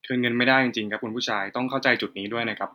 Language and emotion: Thai, neutral